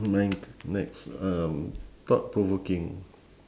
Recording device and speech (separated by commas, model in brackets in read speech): standing microphone, conversation in separate rooms